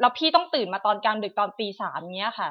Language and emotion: Thai, frustrated